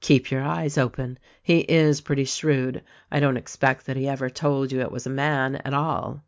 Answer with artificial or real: real